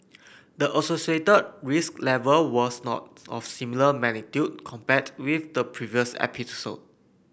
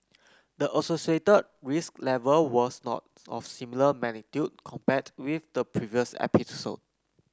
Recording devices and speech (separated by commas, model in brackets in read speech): boundary microphone (BM630), close-talking microphone (WH30), read sentence